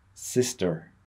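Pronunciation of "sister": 'Sister' is said the American English way, with a slight R sound at the end.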